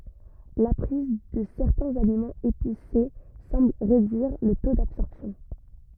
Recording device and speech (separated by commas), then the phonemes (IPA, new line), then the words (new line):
rigid in-ear microphone, read sentence
la pʁiz də sɛʁtɛ̃z alimɑ̃z epise sɑ̃bl ʁedyiʁ lə to dabsɔʁpsjɔ̃
La prise de certains aliments épicés semble réduire le taux d'absorption.